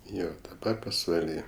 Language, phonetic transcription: Lithuanian, ˈjo daˈba pasvaˈly

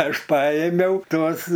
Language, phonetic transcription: Lithuanian, ˈaš ˈpaėmiau ˈtuos

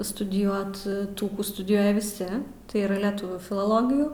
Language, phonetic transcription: Lithuanian, studiˈjuot ˈtų ˈkų studiˈjuoja viˈsi tai ˈyra leˈtuvių filoˈlogijų

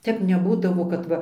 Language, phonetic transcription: Lithuanian, ˈtep neˈbūdavo kad ˈva

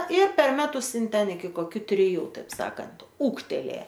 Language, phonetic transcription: Lithuanian, ir per ˈmetus ˈin ˈten iki koˈkiu triˈjų ˈtaip ˈsakant ˈūgtelė

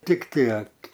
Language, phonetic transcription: Lithuanian, ˈtik ˈtiek

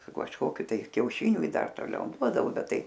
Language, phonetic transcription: Lithuanian, su kažˈkokiu tai kiauˈšiniu i ˈdar toˈliau ˈduodavo ˈbet ˈtai

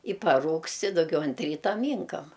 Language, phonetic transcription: Lithuanian, i paˈrūgst i duˈgiau ant ˈryta ˈmynkam

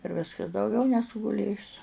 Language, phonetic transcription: Lithuanian, ir ˈviskas dauˈgiau neˈsu guˈlėjus

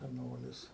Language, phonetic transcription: Lithuanian, seˈnolis

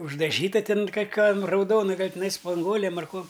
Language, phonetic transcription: Lithuanian, uždaˈžyta ˈtin kaˈkiam rauˈdona ˈgal' tiˈnai spanˈguolėm ar ˈkuom

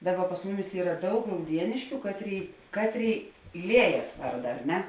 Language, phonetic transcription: Lithuanian, ˈdaˌba pas ˈmuˌmis ˈyra ˈdaug rauˈdieniškiu ˈkatˌrėi ˈkatˌrėi ˈliejas ˈvarda ar ˈne

